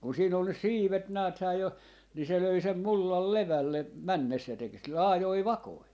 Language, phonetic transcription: Finnish, kun siin ‿ol nys "siivet "nääthää 'jo , ni se 'löi sem 'mullal "levälle , "männes ja tek s- , "laajoi "vakoi .
- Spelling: kun siinä oli nyt siivet näethän jo niin se löi sen mullan levälle mennessä ja teki - laajoja vakoja

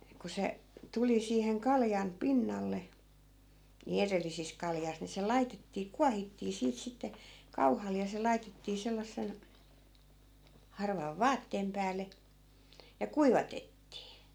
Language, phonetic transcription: Finnish, ku se , 'tuli siiheŋ 'kaljan , 'pinnalle , nì 'erellisis 'kaljas ni se 'laitettii "kuahittii 'siit sitte , 'kauhal ja se 'lai̮tettii 'sellassen̬ , 'harvav "vaatteem pääl̆le , ja 'kuivatettii .
- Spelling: kun se tuli siihen kaljan pinnalle niin edellisissä kaljassa niin se laitettiin kuohittiin siitä sitten kauhalla ja se laitettiin sellaiseen harvan vaatteen päälle ja kuivatettiin

